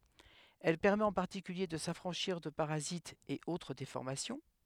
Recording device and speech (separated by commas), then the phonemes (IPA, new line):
headset microphone, read sentence
ɛl pɛʁmɛt ɑ̃ paʁtikylje də safʁɑ̃ʃiʁ də paʁazitz e otʁ defɔʁmasjɔ̃